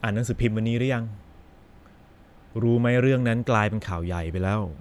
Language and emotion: Thai, frustrated